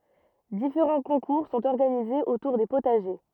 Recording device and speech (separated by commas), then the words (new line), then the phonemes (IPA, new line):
rigid in-ear microphone, read sentence
Différents concours sont organisés autour des potagers.
difeʁɑ̃ kɔ̃kuʁ sɔ̃t ɔʁɡanizez otuʁ de potaʒe